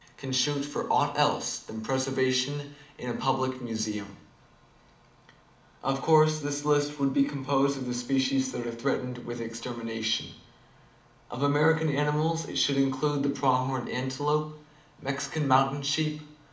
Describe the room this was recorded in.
A moderately sized room.